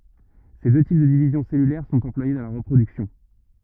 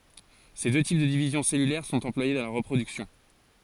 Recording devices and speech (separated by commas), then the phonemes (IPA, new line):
rigid in-ear microphone, forehead accelerometer, read sentence
se dø tip də divizjɔ̃ sɛlylɛʁ sɔ̃t ɑ̃plwaje dɑ̃ la ʁəpʁodyksjɔ̃